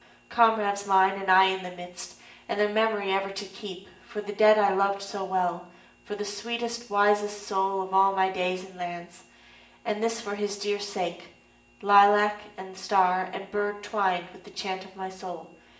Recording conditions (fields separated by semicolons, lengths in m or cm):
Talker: one person; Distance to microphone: 1.8 m; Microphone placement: close; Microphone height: 1.0 m; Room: large; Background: none